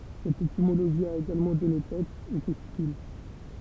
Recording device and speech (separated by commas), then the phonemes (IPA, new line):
temple vibration pickup, read sentence
sɛt etimoloʒi a eɡalmɑ̃ dɔne tɛ e tɛstikyl